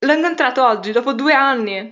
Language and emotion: Italian, happy